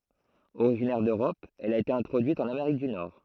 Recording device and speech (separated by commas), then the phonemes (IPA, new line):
throat microphone, read sentence
oʁiʒinɛʁ døʁɔp ɛl a ete ɛ̃tʁodyit ɑ̃n ameʁik dy nɔʁ